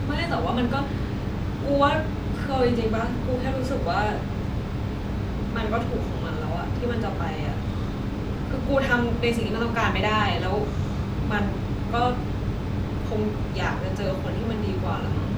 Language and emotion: Thai, frustrated